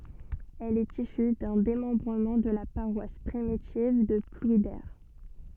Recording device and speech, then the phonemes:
soft in-ear microphone, read sentence
ɛl ɛt isy dœ̃ demɑ̃bʁəmɑ̃ də la paʁwas pʁimitiv də plwide

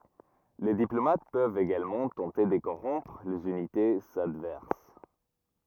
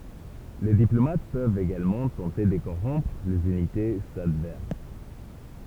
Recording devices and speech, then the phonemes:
rigid in-ear microphone, temple vibration pickup, read sentence
le diplomat pøvt eɡalmɑ̃ tɑ̃te də koʁɔ̃pʁ lez ynitez advɛʁs

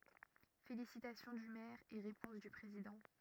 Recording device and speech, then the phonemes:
rigid in-ear microphone, read sentence
felisitasjɔ̃ dy mɛʁ e ʁepɔ̃s dy pʁezidɑ̃

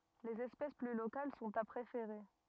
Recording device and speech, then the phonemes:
rigid in-ear microphone, read sentence
lez ɛspɛs ply lokal sɔ̃t a pʁefeʁe

